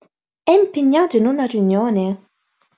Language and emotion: Italian, surprised